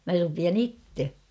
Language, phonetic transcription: Finnish, mä rupian ‿"itte !
- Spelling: minä rupean itse

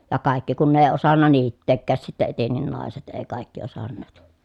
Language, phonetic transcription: Finnish, ja kàikki kun ne èi̮ osanna niitteekkääs sitte etennin nàeset ee kàikki osanneet .
- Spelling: ja kaikki kun ne ei osannut niittääkään sitten etenkin naiset ei kaikki osanneet

